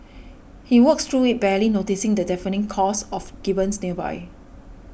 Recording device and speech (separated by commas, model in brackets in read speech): boundary microphone (BM630), read sentence